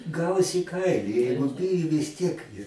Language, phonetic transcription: Lithuanian, ˈgaus į ˈkaili ˈjeigu ˈbiju vis ˈtiek

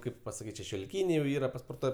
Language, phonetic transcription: Lithuanian, ˈkaip pasaˈkyt' šešioliˈkyniai jau ˈyra pasporˈtuoj

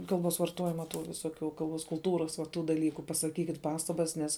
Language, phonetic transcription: Lithuanian, ˈkalˌbos varˈtojima tų viˈsokių kalˈbos kulˈtūras va ˈtų daˈlyku pasaˈkykit ˈpastabas ˈnes

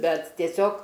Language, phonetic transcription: Lithuanian, ˈbet tieˈsiog

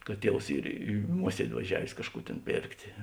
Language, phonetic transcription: Lithuanian, kad ˈtievs ˈyr i ˈmuosiedi vaˈžiavės ˈkažˌkų tėn ˈpėrktė

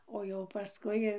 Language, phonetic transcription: Lithuanian, o jau paˈskui

